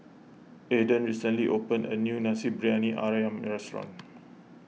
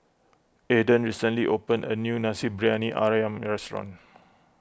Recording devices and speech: mobile phone (iPhone 6), close-talking microphone (WH20), read sentence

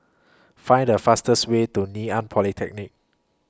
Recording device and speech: close-talking microphone (WH20), read sentence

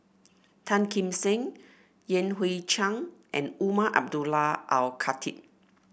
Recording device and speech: boundary microphone (BM630), read sentence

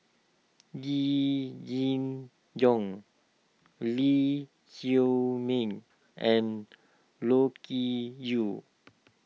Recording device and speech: mobile phone (iPhone 6), read sentence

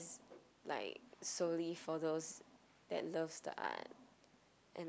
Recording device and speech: close-talking microphone, conversation in the same room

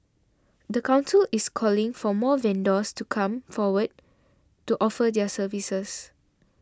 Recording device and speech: standing microphone (AKG C214), read sentence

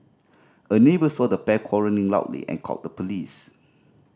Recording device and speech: standing microphone (AKG C214), read sentence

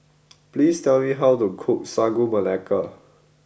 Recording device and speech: boundary microphone (BM630), read sentence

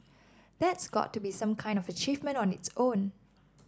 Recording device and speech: standing microphone (AKG C214), read sentence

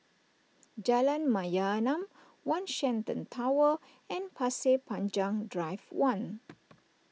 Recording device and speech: mobile phone (iPhone 6), read sentence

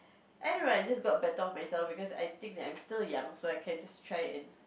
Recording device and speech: boundary microphone, conversation in the same room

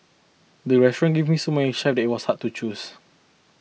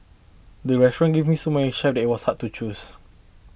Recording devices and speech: mobile phone (iPhone 6), boundary microphone (BM630), read sentence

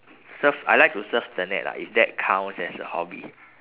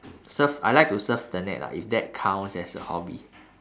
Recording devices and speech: telephone, standing microphone, conversation in separate rooms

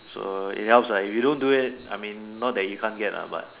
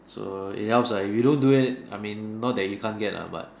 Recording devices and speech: telephone, standing microphone, conversation in separate rooms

